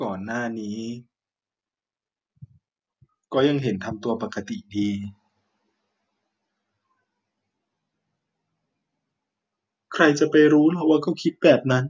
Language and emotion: Thai, sad